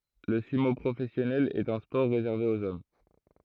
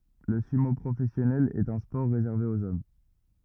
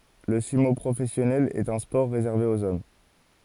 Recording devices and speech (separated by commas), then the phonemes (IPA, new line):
throat microphone, rigid in-ear microphone, forehead accelerometer, read sentence
lə symo pʁofɛsjɔnɛl ɛt œ̃ spɔʁ ʁezɛʁve oz ɔm